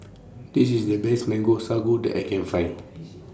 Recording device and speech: standing microphone (AKG C214), read sentence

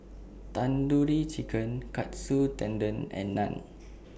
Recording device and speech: boundary microphone (BM630), read sentence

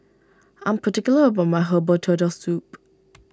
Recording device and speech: standing microphone (AKG C214), read sentence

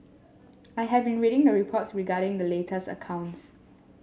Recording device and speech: mobile phone (Samsung S8), read sentence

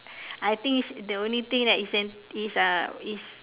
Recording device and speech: telephone, conversation in separate rooms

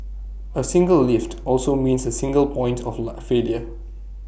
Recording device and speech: boundary microphone (BM630), read sentence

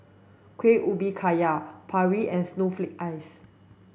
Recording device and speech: boundary microphone (BM630), read sentence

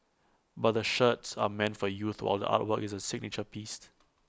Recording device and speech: close-talking microphone (WH20), read sentence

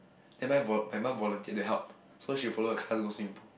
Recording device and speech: boundary microphone, conversation in the same room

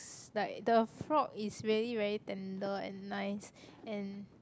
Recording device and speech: close-talking microphone, conversation in the same room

